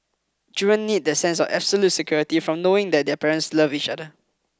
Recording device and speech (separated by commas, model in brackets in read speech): close-talking microphone (WH20), read sentence